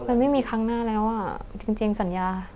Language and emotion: Thai, sad